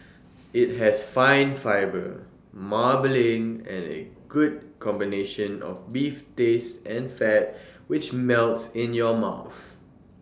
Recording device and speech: standing microphone (AKG C214), read sentence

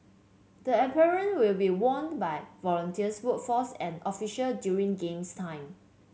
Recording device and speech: mobile phone (Samsung C7), read sentence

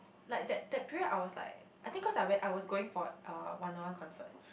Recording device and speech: boundary microphone, conversation in the same room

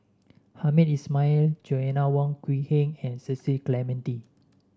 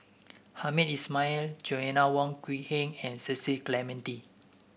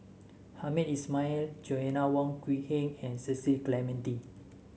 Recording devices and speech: standing microphone (AKG C214), boundary microphone (BM630), mobile phone (Samsung S8), read sentence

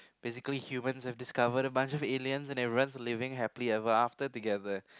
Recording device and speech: close-talking microphone, conversation in the same room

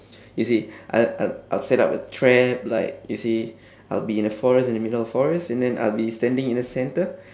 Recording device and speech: standing microphone, conversation in separate rooms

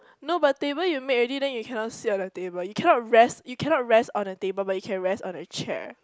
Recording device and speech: close-talking microphone, conversation in the same room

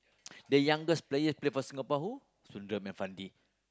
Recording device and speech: close-talking microphone, conversation in the same room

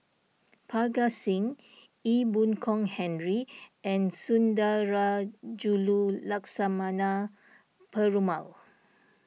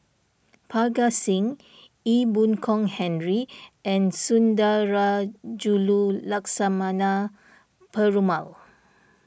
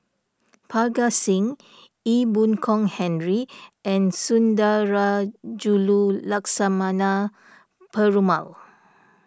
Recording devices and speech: mobile phone (iPhone 6), boundary microphone (BM630), standing microphone (AKG C214), read sentence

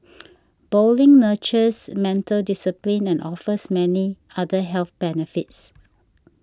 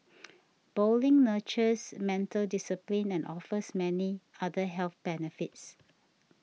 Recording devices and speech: standing microphone (AKG C214), mobile phone (iPhone 6), read sentence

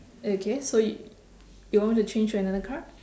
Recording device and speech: standing microphone, conversation in separate rooms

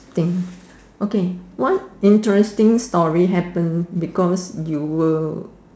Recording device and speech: standing microphone, conversation in separate rooms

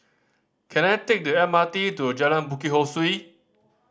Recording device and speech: standing microphone (AKG C214), read sentence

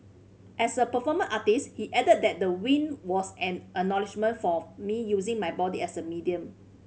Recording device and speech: mobile phone (Samsung C5010), read sentence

